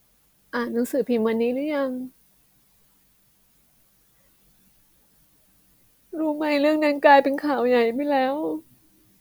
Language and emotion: Thai, sad